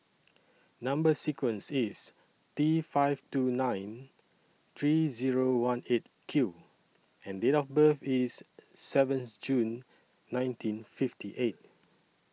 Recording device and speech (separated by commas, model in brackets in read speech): mobile phone (iPhone 6), read sentence